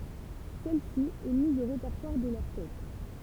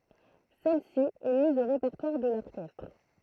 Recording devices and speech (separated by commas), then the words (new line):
temple vibration pickup, throat microphone, read sentence
Celle-ci est mise au répertoire de l'orchestre.